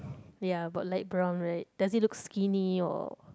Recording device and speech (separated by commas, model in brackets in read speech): close-talking microphone, conversation in the same room